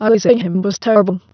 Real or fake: fake